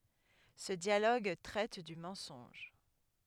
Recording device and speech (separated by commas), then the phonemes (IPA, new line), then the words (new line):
headset microphone, read sentence
sə djaloɡ tʁɛt dy mɑ̃sɔ̃ʒ
Ce dialogue traite du mensonge.